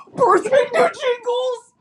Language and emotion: English, fearful